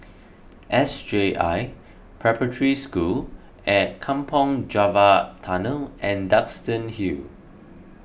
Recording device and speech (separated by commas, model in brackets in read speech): boundary microphone (BM630), read sentence